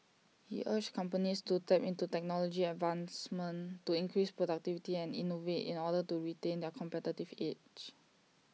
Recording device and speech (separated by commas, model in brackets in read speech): mobile phone (iPhone 6), read sentence